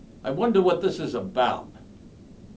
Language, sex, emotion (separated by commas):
English, male, fearful